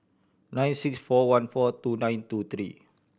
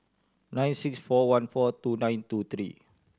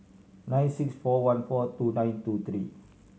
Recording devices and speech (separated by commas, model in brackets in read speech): boundary microphone (BM630), standing microphone (AKG C214), mobile phone (Samsung C7100), read sentence